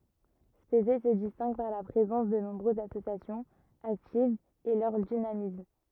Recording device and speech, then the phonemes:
rigid in-ear microphone, read sentence
spezɛ sə distɛ̃ɡ paʁ la pʁezɑ̃s də nɔ̃bʁøzz asosjasjɔ̃z aktivz e lœʁ dinamism

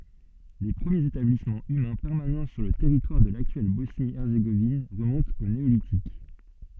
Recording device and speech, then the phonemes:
soft in-ear microphone, read sentence
le pʁəmjez etablismɑ̃ ymɛ̃ pɛʁmanɑ̃ syʁ lə tɛʁitwaʁ də laktyɛl bɔsni ɛʁzeɡovin ʁəmɔ̃tt o neolitik

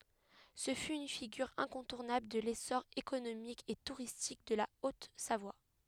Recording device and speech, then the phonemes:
headset microphone, read sentence
sə fy yn fiɡyʁ ɛ̃kɔ̃tuʁnabl də lesɔʁ ekonomik e tuʁistik də la ot savwa

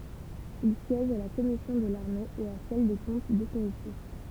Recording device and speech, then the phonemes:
temple vibration pickup, read sentence
il sjɛʒ a la kɔmisjɔ̃ də laʁme e a sɛl de kɔ̃t definitif

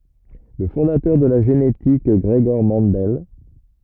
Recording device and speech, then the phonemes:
rigid in-ear microphone, read sentence
lə fɔ̃datœʁ də la ʒenetik ɡʁəɡɔʁ mɑ̃dɛl

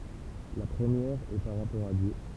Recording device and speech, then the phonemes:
temple vibration pickup, read sentence
la pʁəmjɛʁ ɛ paʁ ʁapɔʁ a djø

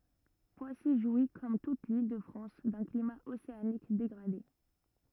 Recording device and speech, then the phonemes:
rigid in-ear microphone, read sentence
pwasi ʒwi kɔm tut lildəfʁɑ̃s dœ̃ klima oseanik deɡʁade

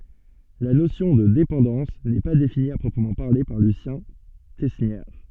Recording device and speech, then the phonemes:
soft in-ear microphone, read sentence
la nosjɔ̃ də depɑ̃dɑ̃s nɛ pa defini a pʁɔpʁəmɑ̃ paʁle paʁ lysjɛ̃ tɛsnjɛʁ

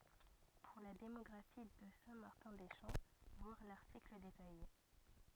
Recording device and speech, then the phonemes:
rigid in-ear microphone, read sentence
puʁ la demɔɡʁafi də sɛ̃ maʁtɛ̃ de ʃɑ̃ vwaʁ laʁtikl detaje

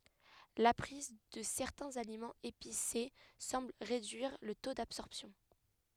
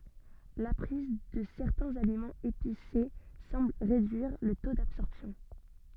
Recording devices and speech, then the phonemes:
headset microphone, soft in-ear microphone, read sentence
la pʁiz də sɛʁtɛ̃z alimɑ̃z epise sɑ̃bl ʁedyiʁ lə to dabsɔʁpsjɔ̃

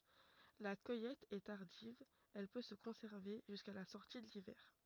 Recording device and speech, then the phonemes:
rigid in-ear microphone, read sentence
la kœjɛt ɛ taʁdiv ɛl pø sə kɔ̃sɛʁve ʒyska la sɔʁti də livɛʁ

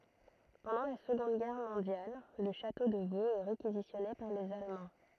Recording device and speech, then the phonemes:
throat microphone, read sentence
pɑ̃dɑ̃ la səɡɔ̃d ɡɛʁ mɔ̃djal lə ʃato də voz ɛ ʁekizisjɔne paʁ lez almɑ̃

